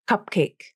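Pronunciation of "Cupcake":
In 'cupcake', the p is held and not released. The air is released only on the k of 'cake'.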